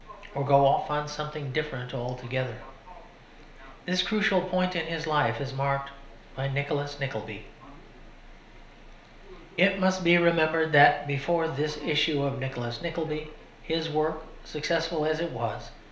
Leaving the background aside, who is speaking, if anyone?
One person.